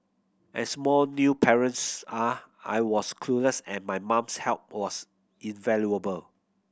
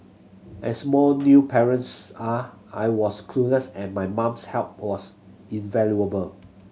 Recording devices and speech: boundary microphone (BM630), mobile phone (Samsung C7100), read sentence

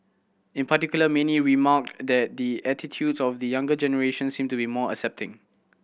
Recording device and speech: boundary microphone (BM630), read sentence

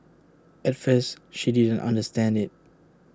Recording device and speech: standing microphone (AKG C214), read sentence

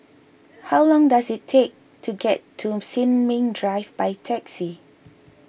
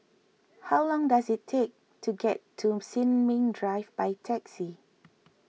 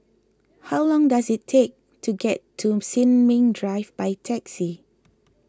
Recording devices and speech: boundary microphone (BM630), mobile phone (iPhone 6), close-talking microphone (WH20), read sentence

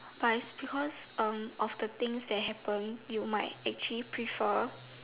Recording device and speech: telephone, conversation in separate rooms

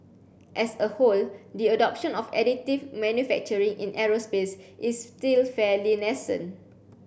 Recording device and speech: boundary microphone (BM630), read sentence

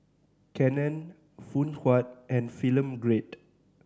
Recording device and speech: standing microphone (AKG C214), read sentence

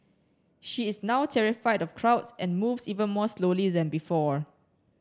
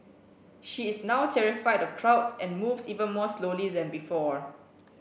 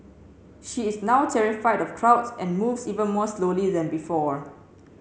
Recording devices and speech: standing microphone (AKG C214), boundary microphone (BM630), mobile phone (Samsung C7), read sentence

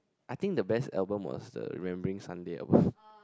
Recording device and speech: close-talking microphone, conversation in the same room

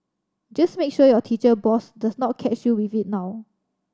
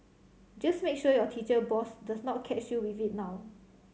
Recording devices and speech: standing microphone (AKG C214), mobile phone (Samsung C7100), read sentence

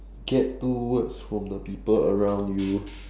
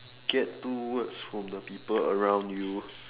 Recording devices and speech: standing microphone, telephone, conversation in separate rooms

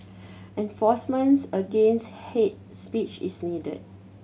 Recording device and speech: mobile phone (Samsung C7100), read sentence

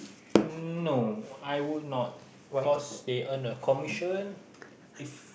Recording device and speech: boundary microphone, conversation in the same room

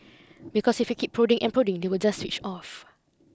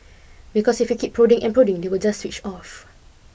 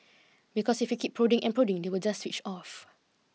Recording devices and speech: close-talking microphone (WH20), boundary microphone (BM630), mobile phone (iPhone 6), read sentence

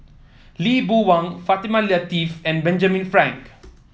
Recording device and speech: mobile phone (iPhone 7), read sentence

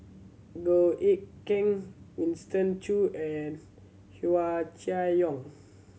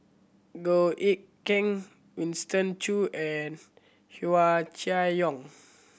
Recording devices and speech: mobile phone (Samsung C7100), boundary microphone (BM630), read sentence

